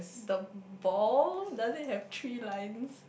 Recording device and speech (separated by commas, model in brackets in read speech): boundary microphone, conversation in the same room